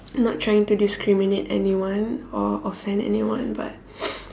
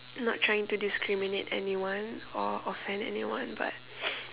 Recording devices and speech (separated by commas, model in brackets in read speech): standing microphone, telephone, conversation in separate rooms